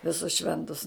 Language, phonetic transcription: Lithuanian, viˈsus ˈšventus

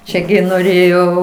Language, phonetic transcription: Lithuanian, ˈčia gi noˈrėjo

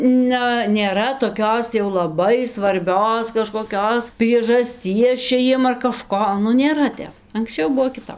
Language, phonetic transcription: Lithuanian, ˈna nėˈra toˈkios jau laˈbai svarˈbios kažkoˈkios priežasˈties ˈčia ˈjiem ar kaˈžko nu nėˈra ˈtep anksˈčiau ˈbuo kiˈtap

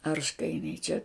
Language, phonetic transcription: Lithuanian, ˈarškainiai čia

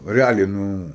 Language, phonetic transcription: Lithuanian, reˈaliai ˈnu

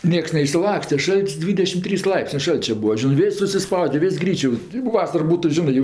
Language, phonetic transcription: Lithuanian, ˈnieks neišsiˈlakste ˈšalt's' ˈdvydešim ˈtrys ˈlaipsnė ˈšalčia ˈbūa ˈžinɜ ˈvis' susiˈspaude ˈvis' ˈgryčio o ˈvasar ˈbūtu ˈžinɜ jau

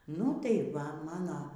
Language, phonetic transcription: Lithuanian, nu tai ˈva maˈna

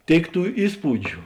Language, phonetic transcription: Lithuanian, ˈtėik ˈtų ˈįspūdžiu

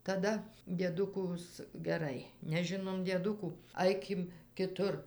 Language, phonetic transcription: Lithuanian, taˈda dieˈdukus geˈrai neˈžinom dieˈdukų ˈaikim kiˈtur

